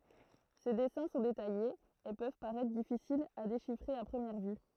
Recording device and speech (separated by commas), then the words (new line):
throat microphone, read sentence
Ses dessins sont détaillés, et peuvent paraitre difficiles à déchiffrer à première vue.